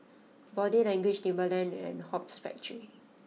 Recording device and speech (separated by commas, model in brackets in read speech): mobile phone (iPhone 6), read sentence